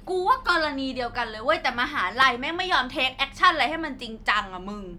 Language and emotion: Thai, angry